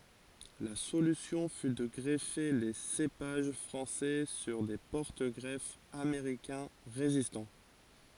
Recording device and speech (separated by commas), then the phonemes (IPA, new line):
forehead accelerometer, read sentence
la solysjɔ̃ fy də ɡʁɛfe le sepaʒ fʁɑ̃sɛ syʁ de pɔʁtəɡʁɛfz ameʁikɛ̃ ʁezistɑ̃